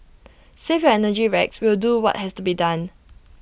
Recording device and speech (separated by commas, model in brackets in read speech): boundary microphone (BM630), read sentence